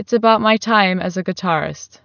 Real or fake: real